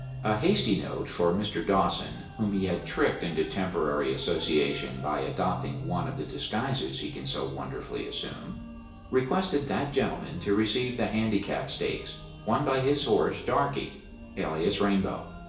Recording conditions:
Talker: one person; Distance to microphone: 1.8 m; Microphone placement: close; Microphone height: 1.0 m; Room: large; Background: music

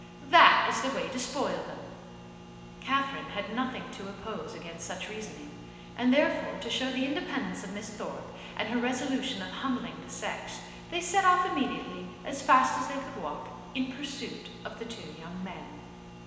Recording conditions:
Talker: one person; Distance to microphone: 1.7 m; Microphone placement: close; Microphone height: 1.0 m; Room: very reverberant, large; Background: none

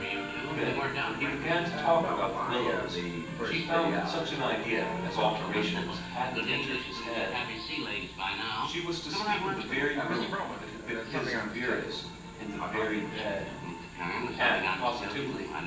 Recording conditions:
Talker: one person; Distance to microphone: 9.8 m; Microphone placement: far; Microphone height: 1.8 m; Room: large; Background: television

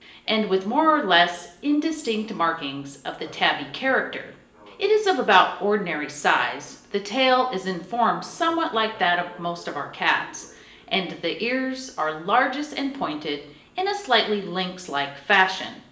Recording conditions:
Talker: one person; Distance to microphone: 1.8 m; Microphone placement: close; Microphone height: 1.0 m; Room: large; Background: television

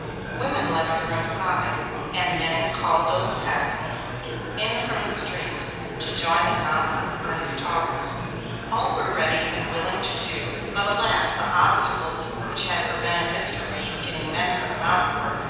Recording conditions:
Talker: one person; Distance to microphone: 7.1 m; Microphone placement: far; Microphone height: 1.7 m; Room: very reverberant, large; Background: babble

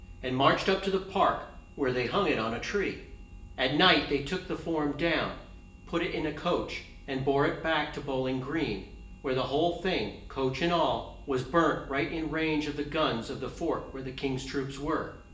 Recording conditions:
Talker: one person; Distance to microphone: 1.8 m; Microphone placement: close; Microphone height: 1.0 m; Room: large; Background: none

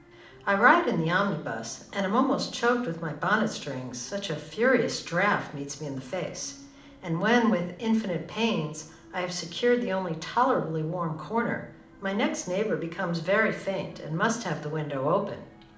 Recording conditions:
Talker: one person; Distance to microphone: 2.0 m; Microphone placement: close; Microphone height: 99 cm; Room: medium-sized (5.7 m by 4.0 m); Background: television

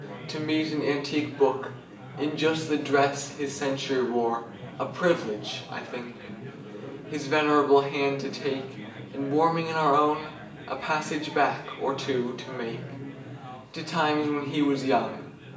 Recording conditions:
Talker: one person; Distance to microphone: 1.8 m; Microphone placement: close; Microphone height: 1.0 m; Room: large; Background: babble

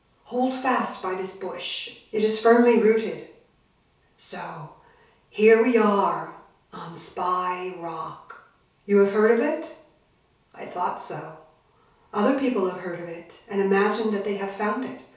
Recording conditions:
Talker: one person; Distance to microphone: 3.0 m; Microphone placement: far; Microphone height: 1.8 m; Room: small (3.7 m by 2.7 m); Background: none

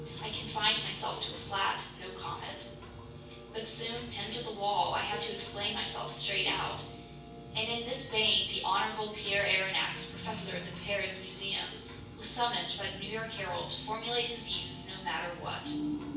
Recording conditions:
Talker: one person; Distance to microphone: 9.8 m; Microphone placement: far; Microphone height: 1.8 m; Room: large; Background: music

